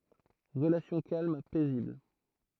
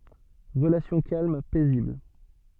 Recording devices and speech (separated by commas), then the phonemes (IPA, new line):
throat microphone, soft in-ear microphone, read sentence
ʁəlasjɔ̃ kalm pɛzibl